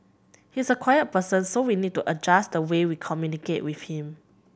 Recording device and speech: boundary microphone (BM630), read sentence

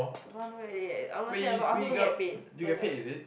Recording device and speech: boundary microphone, conversation in the same room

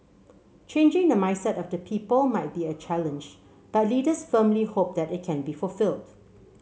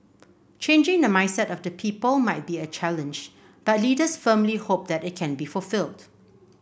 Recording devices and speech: mobile phone (Samsung C7), boundary microphone (BM630), read sentence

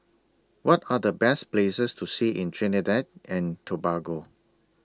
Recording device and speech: standing microphone (AKG C214), read sentence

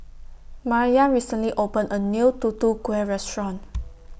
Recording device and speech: boundary microphone (BM630), read sentence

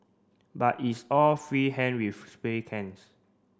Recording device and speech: standing microphone (AKG C214), read sentence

